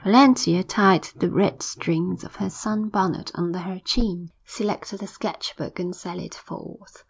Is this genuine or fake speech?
genuine